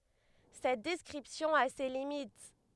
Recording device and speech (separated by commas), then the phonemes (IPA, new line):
headset microphone, read sentence
sɛt dɛskʁipsjɔ̃ a se limit